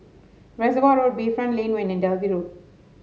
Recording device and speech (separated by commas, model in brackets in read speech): mobile phone (Samsung S8), read sentence